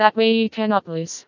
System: TTS, vocoder